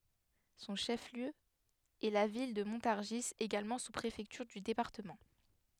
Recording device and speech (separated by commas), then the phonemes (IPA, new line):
headset microphone, read sentence
sɔ̃ ʃəfliø ɛ la vil də mɔ̃taʁʒi eɡalmɑ̃ suspʁefɛktyʁ dy depaʁtəmɑ̃